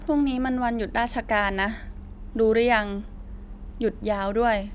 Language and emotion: Thai, frustrated